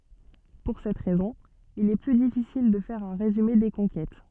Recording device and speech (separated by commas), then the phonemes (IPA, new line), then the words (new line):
soft in-ear microphone, read sentence
puʁ sɛt ʁɛzɔ̃ il ɛ ply difisil də fɛʁ œ̃ ʁezyme de kɔ̃kɛt
Pour cette raison il est plus difficile de faire un résumé des conquêtes.